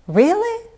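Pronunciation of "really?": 'Really?' has a sharp rise, and the voice then keeps rising instead of falling.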